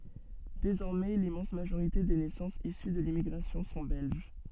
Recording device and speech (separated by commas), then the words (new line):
soft in-ear microphone, read sentence
Désormais l'immense majorité des naissances issues de l'immigration sont belges.